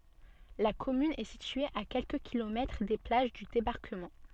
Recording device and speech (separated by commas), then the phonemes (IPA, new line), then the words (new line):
soft in-ear microphone, read sentence
la kɔmyn ɛ sitye a kɛlkə kilomɛtʁ de plaʒ dy debaʁkəmɑ̃
La commune est située à quelques kilomètres des plages du débarquement.